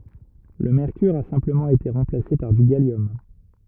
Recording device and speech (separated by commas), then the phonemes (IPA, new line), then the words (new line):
rigid in-ear microphone, read sentence
lə mɛʁkyʁ a sɛ̃pləmɑ̃ ete ʁɑ̃plase paʁ dy ɡaljɔm
Le mercure a simplement été remplacé par du gallium.